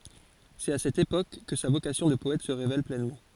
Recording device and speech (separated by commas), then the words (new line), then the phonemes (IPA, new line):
forehead accelerometer, read sentence
C’est à cette époque que sa vocation de poète se révèle pleinement.
sɛt a sɛt epok kə sa vokasjɔ̃ də pɔɛt sə ʁevɛl plɛnmɑ̃